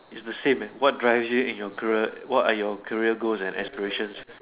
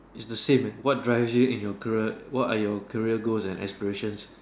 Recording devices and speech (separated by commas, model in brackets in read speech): telephone, standing microphone, conversation in separate rooms